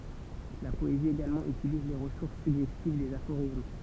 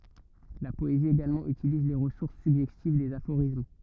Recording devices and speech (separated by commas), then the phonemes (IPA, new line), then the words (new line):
temple vibration pickup, rigid in-ear microphone, read sentence
la pɔezi eɡalmɑ̃ ytiliz le ʁəsuʁs syɡʒɛstiv dez afoʁism
La poésie également utilise les ressources suggestives des aphorismes.